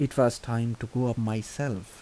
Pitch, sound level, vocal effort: 120 Hz, 78 dB SPL, soft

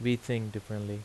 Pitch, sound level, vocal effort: 110 Hz, 81 dB SPL, normal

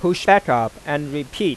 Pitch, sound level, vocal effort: 145 Hz, 94 dB SPL, normal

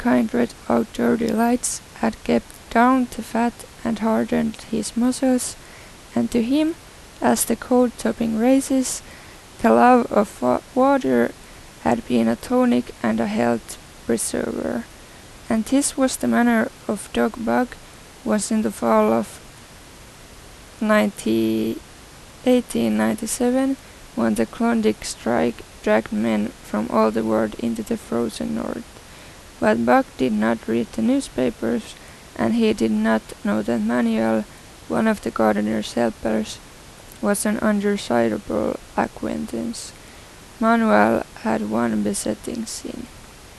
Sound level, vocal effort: 82 dB SPL, soft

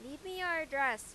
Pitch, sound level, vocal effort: 295 Hz, 98 dB SPL, very loud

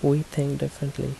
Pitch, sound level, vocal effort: 140 Hz, 73 dB SPL, soft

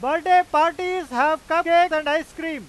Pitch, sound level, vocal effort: 325 Hz, 105 dB SPL, very loud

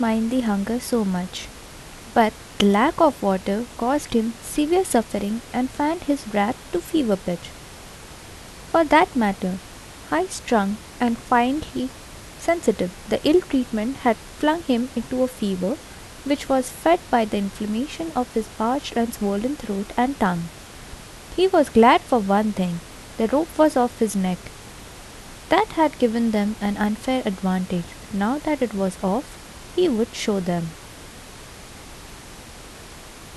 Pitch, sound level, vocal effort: 235 Hz, 75 dB SPL, soft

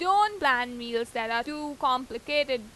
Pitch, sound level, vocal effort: 255 Hz, 95 dB SPL, loud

